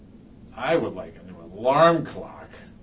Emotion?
disgusted